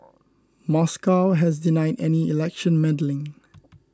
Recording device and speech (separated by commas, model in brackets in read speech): close-talking microphone (WH20), read sentence